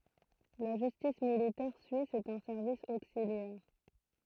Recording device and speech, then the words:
throat microphone, read sentence
La Justice militaire suisse est un service auxiliaire.

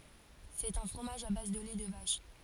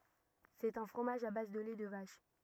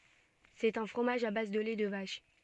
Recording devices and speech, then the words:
forehead accelerometer, rigid in-ear microphone, soft in-ear microphone, read sentence
C'est un fromage à base de lait de vache.

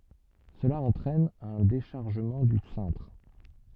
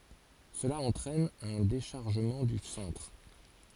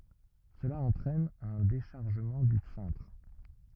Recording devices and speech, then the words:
soft in-ear microphone, forehead accelerometer, rigid in-ear microphone, read sentence
Cela entraîne un déchargement du cintre.

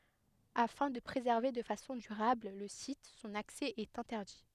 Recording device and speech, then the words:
headset microphone, read sentence
Afin de préserver de façon durable le site, son accès est interdit.

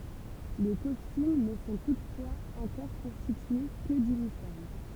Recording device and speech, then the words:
temple vibration pickup, read sentence
Les costumes ne sont toutefois encore constitués que d'uniformes.

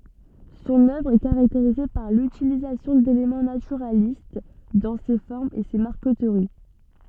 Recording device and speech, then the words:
soft in-ear microphone, read sentence
Son œuvre est caractérisée par l'utilisation d'éléments naturalistes dans ses formes et ses marqueteries.

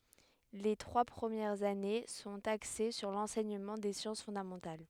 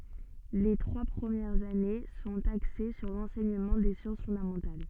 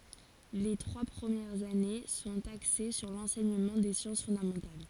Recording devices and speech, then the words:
headset microphone, soft in-ear microphone, forehead accelerometer, read sentence
Les trois premières années sont axées sur l'enseignement des sciences fondamentales.

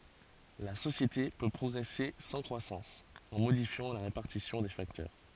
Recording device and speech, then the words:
forehead accelerometer, read sentence
La société peut progresser sans croissance, en modifiant la répartition des facteurs.

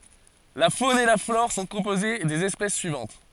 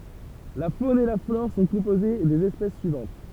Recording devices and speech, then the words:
forehead accelerometer, temple vibration pickup, read sentence
La faune et la flore sont composées des espèces suivantes.

